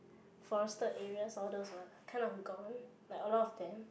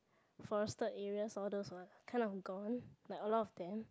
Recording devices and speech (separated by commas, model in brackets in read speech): boundary microphone, close-talking microphone, conversation in the same room